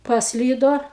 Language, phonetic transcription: Lithuanian, pasˈlydo

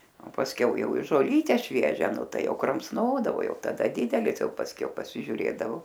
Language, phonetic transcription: Lithuanian, o pasˈkiau ˈjau i žoˈlyte ˈšviežia ˈnu ˈtai ˈjau kramsˈnodavo ˈjau taˈda ˈdidelis ˈjau pasˈkiau pasižiuˈrėdavo

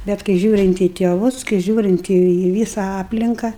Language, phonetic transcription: Lithuanian, bet kai ˈžiūrint į tėˈvus kai ˈžiūrint į į ˈvysa ˈaplinka

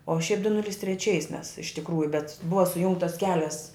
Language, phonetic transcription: Lithuanian, o šiaip du ˈnulis treˈčiais mes iš tikˈrųju bet ˈbuva suˈjungtas ˈkelias

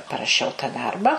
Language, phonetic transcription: Lithuanian, paraˈšiau ta ˈdarba

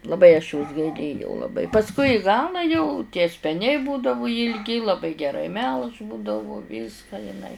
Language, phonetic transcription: Lithuanian, laˈbai aš jos gaiˈlėjau laˈbai pasˈkui i ˈgalą jau tie speˈniai ˈbūdavu jilˈgi laˈbai geˈrai melš ˈbūdavu ˈvyską jiˈnai

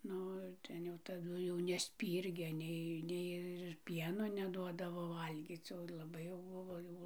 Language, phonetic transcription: Lithuanian, ˈnu ir ˈten jau taˈdu jau nesˈpyrgė ˈnei ˈnei ir ˈpieno neˈduodavo ˈvalgyc o laˈbai jau ˈbuvo ˈjau

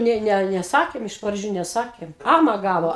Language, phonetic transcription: Lithuanian, ˈnė ˈne ˈne neˈsakėm iš praˈdžių neˈsakėm ˈama ˈgavo

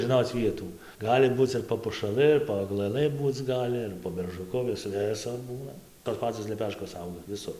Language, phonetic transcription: Lithuanian, žiˈnoc ˈvietų ˈgali ˈbūc ir po pušaˈlɨ ir po aglaˈlɨ ˈbūc ˈgali ir po beržuˈku ˈvis ˈvisur ˈbūna tos ˈpacos leˈpeškos ˈauga viˈsur

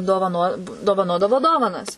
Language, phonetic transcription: Lithuanian, dovaˈno dovaˈnodavo ˈdovanas

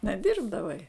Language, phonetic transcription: Lithuanian, neˈdirbdavai

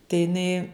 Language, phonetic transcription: Lithuanian, tai jiˈnai

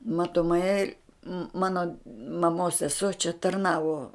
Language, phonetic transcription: Lithuanian, matoˈmai ˈmano maˈmos seˈsuo čia tarˈnavo

